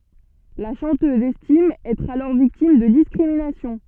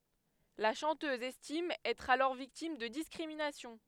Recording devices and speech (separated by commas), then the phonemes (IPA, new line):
soft in-ear microphone, headset microphone, read sentence
la ʃɑ̃tøz ɛstim ɛtʁ alɔʁ viktim də diskʁiminasjɔ̃